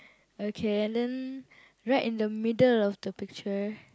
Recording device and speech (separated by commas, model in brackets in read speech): close-talking microphone, conversation in the same room